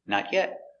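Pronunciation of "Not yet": In 'not yet', the intonation goes down at the end.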